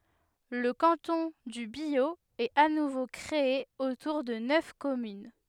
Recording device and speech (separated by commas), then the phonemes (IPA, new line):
headset microphone, read sentence
lə kɑ̃tɔ̃ dy bjo ɛt a nuvo kʁee otuʁ də nœf kɔmyn